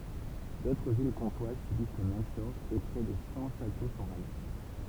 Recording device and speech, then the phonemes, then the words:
temple vibration pickup, read sentence
dotʁ vil kɔ̃twaz sybis lə mɛm sɔʁ e pʁɛ də sɑ̃ ʃato sɔ̃ ʁaze
D'autres villes comtoises subissent le même sort et près de cent châteaux sont rasés.

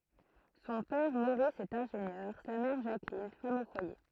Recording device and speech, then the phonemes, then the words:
throat microphone, read sentence
sɔ̃ pɛʁ moʁis ɛt ɛ̃ʒenjœʁ sa mɛʁ ʒaklin fam o fwaje
Son père Maurice est ingénieur, sa mère Jacqueline, femme au foyer.

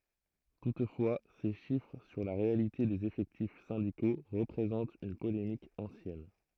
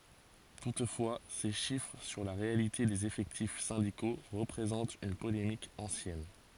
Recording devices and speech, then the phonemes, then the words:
throat microphone, forehead accelerometer, read sentence
tutfwa se ʃifʁ syʁ la ʁealite dez efɛktif sɛ̃diko ʁəpʁezɑ̃t yn polemik ɑ̃sjɛn
Toutefois ces chiffres sur la réalité des effectifs syndicaux représente une polémique ancienne.

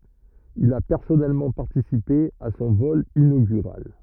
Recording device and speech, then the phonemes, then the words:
rigid in-ear microphone, read sentence
il a pɛʁsɔnɛlmɑ̃ paʁtisipe a sɔ̃ vɔl inoɡyʁal
Il a personnellement participé à son vol inaugural.

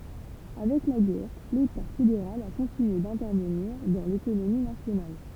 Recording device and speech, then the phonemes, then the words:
temple vibration pickup, read sentence
avɛk la ɡɛʁ leta fedeʁal a kɔ̃tinye dɛ̃tɛʁvəniʁ dɑ̃ lekonomi nasjonal
Avec la guerre, l'État fédéral a continué d'intervenir dans l'économie nationale.

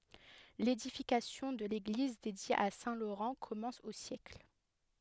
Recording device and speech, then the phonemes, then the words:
headset microphone, read sentence
ledifikasjɔ̃ də leɡliz dedje a sɛ̃ loʁɑ̃ kɔmɑ̃s o sjɛkl
L'édification de l'église dédiée à saint Laurent commence au siècle.

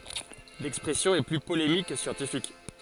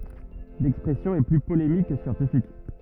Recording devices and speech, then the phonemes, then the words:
forehead accelerometer, rigid in-ear microphone, read sentence
lɛkspʁɛsjɔ̃ ɛ ply polemik kə sjɑ̃tifik
L'expression est plus polémique que scientifique.

